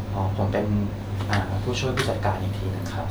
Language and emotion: Thai, neutral